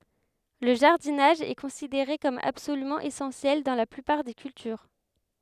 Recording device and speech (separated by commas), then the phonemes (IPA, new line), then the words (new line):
headset microphone, read sentence
lə ʒaʁdinaʒ ɛ kɔ̃sideʁe kɔm absolymɑ̃ esɑ̃sjɛl dɑ̃ la plypaʁ de kyltyʁ
Le jardinage est considéré comme absolument essentiel dans la plupart des cultures.